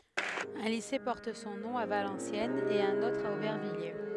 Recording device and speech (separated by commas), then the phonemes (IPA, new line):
headset microphone, read sentence
œ̃ lise pɔʁt sɔ̃ nɔ̃ a valɑ̃sjɛnz e œ̃n otʁ a obɛʁvijje